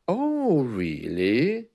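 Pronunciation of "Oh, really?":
'Oh, really?' is said in a tone that sounds a little bit insincere.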